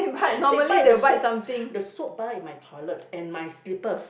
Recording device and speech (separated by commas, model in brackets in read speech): boundary microphone, conversation in the same room